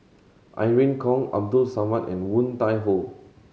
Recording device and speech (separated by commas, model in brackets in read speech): mobile phone (Samsung C7100), read sentence